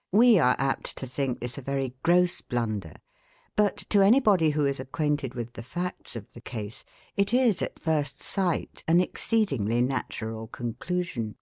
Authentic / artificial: authentic